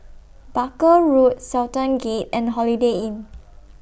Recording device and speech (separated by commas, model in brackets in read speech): boundary microphone (BM630), read sentence